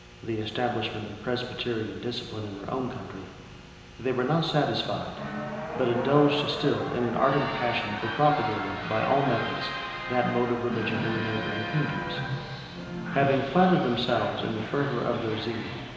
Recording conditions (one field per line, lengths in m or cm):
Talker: one person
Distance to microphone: 1.7 m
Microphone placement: close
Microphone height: 1.0 m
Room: very reverberant, large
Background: television